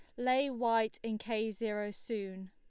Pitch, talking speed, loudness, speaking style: 225 Hz, 155 wpm, -35 LUFS, Lombard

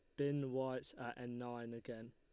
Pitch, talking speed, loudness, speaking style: 120 Hz, 185 wpm, -44 LUFS, Lombard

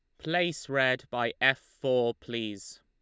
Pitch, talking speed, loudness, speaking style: 130 Hz, 140 wpm, -29 LUFS, Lombard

